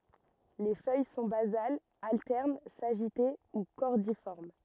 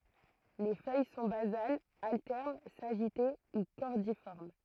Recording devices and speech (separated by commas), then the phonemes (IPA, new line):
rigid in-ear microphone, throat microphone, read sentence
le fœj sɔ̃ bazalz altɛʁn saʒite u kɔʁdifɔʁm